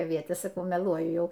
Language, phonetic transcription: Lithuanian, aˈvietės saˈkau meˈluoju ˈjau

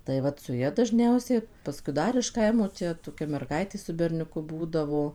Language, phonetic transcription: Lithuanian, tai ˈvat su ˈja dažˈniausiai paˈskui ˈdar iš ˈkaimo ˈčia toˈkia merˈgaitė su berniuˈku ˈbūdavo

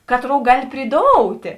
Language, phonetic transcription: Lithuanian, ˈkatˌrou ˈgali priˈdoutė

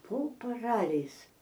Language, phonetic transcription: Lithuanian, po paˈraliais

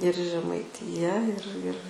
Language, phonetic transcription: Lithuanian, ir žemaiˈtija ir ir

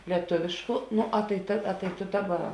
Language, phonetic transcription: Lithuanian, lieˈtuvėšku ˈno a tai ˈta a to ˈdaˌba

